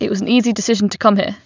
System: none